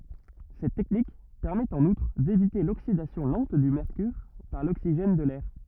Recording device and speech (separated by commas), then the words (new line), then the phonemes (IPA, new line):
rigid in-ear microphone, read sentence
Cette technique permet en outre d'éviter l'oxydation lente du mercure par l'oxygène de l'air.
sɛt tɛknik pɛʁmɛt ɑ̃n utʁ devite loksidasjɔ̃ lɑ̃t dy mɛʁkyʁ paʁ loksiʒɛn də lɛʁ